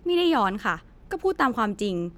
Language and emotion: Thai, frustrated